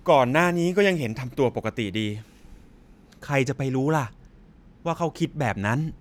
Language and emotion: Thai, frustrated